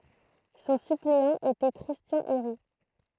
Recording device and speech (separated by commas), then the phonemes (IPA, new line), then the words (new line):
throat microphone, read sentence
sɔ̃ sypleɑ̃ etɛ kʁistjɑ̃ eʁi
Son suppléant était Christian Héry.